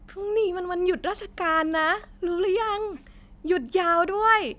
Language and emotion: Thai, happy